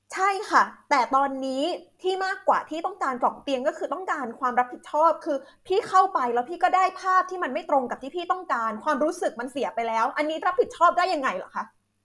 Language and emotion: Thai, angry